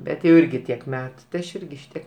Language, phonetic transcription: Lithuanian, ˈbet jau ˈirgi tiek ˈmetu tai ˈaš ˈirgi ˈšitiek

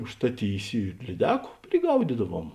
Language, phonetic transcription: Lithuanian, užstaˈtysi ir lyˈdeku priˈgaudydaˌvuom

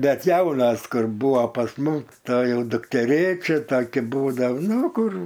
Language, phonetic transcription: Lithuanian, ˈbet ˈjaunas ˈkur ˈbūvo pas ˈmum to ˈjau dukteˈrėčia taˈki ˈbūdav ˈnu ˈkur

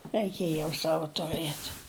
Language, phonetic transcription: Lithuanian, raiˈkėj jau ˈsava tuˈrɘt

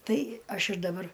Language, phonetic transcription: Lithuanian, ˈtai ˈaš ir daˈbar

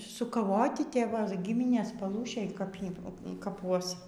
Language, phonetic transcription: Lithuanian, sukaˈvoti te ˈva ˈgiminės paˈlūšėj kap ˈjį kaˈpuos

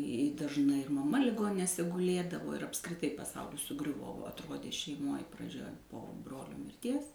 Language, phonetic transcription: Lithuanian, i dažˈnai ir maˈma liˈgoninėse guˈlėdavo ir apskriˈtai paˈsaulis suˈgriuvo va atˈrodė šeiˈmoj praˈdžia po ˈbrolio mirˈties

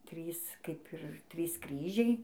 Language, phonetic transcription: Lithuanian, ˈtrys ˈkaip ir ˈtrys ˈkryžiai

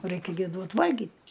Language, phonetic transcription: Lithuanian, ˈraikia gi ˈduot ˈvalgyt

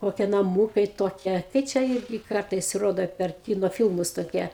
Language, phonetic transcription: Lithuanian, ˈkokie naˈmūkai ˈtokie kai ˈčia ˈirgi ˈkartaisˈ rodo per ˈkino ˈfilmus toˈkie

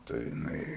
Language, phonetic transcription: Lithuanian, tai jiˈnai

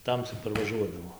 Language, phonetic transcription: Lithuanian, ˈtamsi parvaˈžuodavo

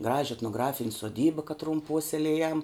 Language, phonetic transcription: Lithuanian, ˈgraži etnoˈgrafin' soˈdyba kaˈtrum ˈpuoselėjam

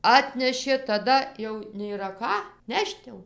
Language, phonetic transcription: Lithuanian, ˈatnešė taˈda jau nėˈra ˈką ˈnešt jau

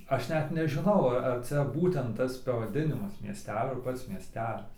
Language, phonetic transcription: Lithuanian, ˈaš ˈnet nežiˈnau a ar ˈcia ˈbūtent ˈtas pavaˈdinimas mieˈstelio ar ˈpats mieˈstelis

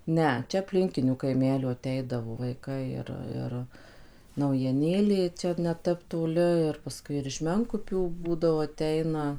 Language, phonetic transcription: Lithuanian, ˈne ˈčia apˈlinkinių kaiˈmelių aˈteidavo vaiˈkai ir ˈir naujieˈnėlė ˈčia neˈtep toˈli ir paˈskui ir iš ˈmenkupių ˈbūdavo aˈteina

